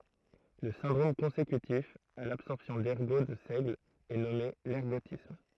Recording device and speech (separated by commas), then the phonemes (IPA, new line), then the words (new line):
throat microphone, read sentence
lə sɛ̃dʁom kɔ̃sekytif a labsɔʁpsjɔ̃ dɛʁɡo də sɛɡl ɛ nɔme lɛʁɡotism
Le syndrome consécutif à l’absorption d'ergot de seigle est nommé l'ergotisme.